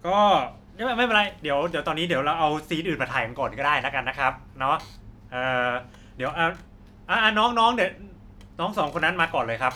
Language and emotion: Thai, neutral